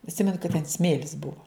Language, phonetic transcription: Lithuanian, atˈsimenu kad ten ˈsmėlis ˈbuvo

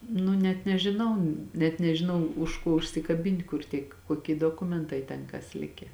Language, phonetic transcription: Lithuanian, ˈnu net nežiˈnau net nežiˈnau už ˈko užsikaˈbint' kur ˈtiek koˈkie doˈkumentai ˈten kas ˈlike

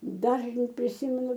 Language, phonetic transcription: Lithuanian, ˈdažnai priˈsimenu

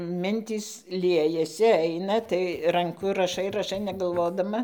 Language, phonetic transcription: Lithuanian, ˈmintys ˈliejasi ˈaina tai ranˈku raˈšai raˈšai negalˈvodama

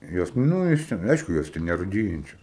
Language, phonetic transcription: Lithuanian, ˈjos ˈnu iš ˈten ˈaišku ˈjos ten neruˈdyjančios

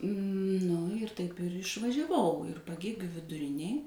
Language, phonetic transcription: Lithuanian, ˈnu ir taip ir išvaˈžiavau ir paˈgėgių viduˈrinėj

